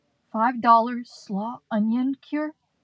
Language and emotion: English, fearful